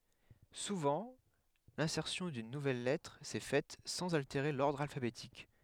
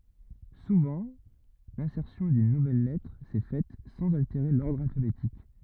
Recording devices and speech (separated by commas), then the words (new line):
headset microphone, rigid in-ear microphone, read sentence
Souvent, l'insertion d'une nouvelle lettre s'est faite sans altérer l'ordre alphabétique.